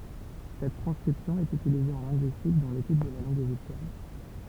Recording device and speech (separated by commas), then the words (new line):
temple vibration pickup, read sentence
Cette transcription est utilisée en linguistique, dans l'étude de la langue égyptienne.